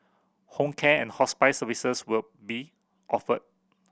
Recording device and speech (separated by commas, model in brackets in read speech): boundary microphone (BM630), read sentence